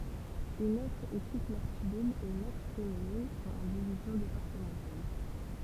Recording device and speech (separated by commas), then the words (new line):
temple vibration pickup, read sentence
Une autre équipe masculine et une autre féminine sont en divisions départementales.